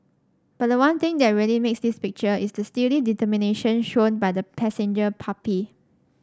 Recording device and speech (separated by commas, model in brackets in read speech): standing microphone (AKG C214), read sentence